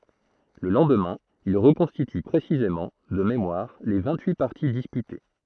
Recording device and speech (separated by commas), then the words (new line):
throat microphone, read sentence
Le lendemain, il reconstitue précisément, de mémoire, les vingt-huit parties disputées.